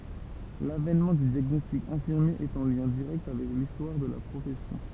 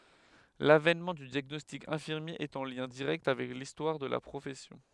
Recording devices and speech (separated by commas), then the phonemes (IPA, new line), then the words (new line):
temple vibration pickup, headset microphone, read sentence
lavɛnmɑ̃ dy djaɡnɔstik ɛ̃fiʁmje ɛt ɑ̃ ljɛ̃ diʁɛkt avɛk listwaʁ də la pʁofɛsjɔ̃
L'avènement du diagnostic infirmier est en lien direct avec l'histoire de la profession.